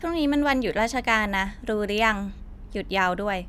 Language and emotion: Thai, neutral